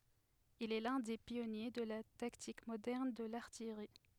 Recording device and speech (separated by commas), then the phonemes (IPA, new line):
headset microphone, read sentence
il ɛ lœ̃ de pjɔnje də la taktik modɛʁn də laʁtijʁi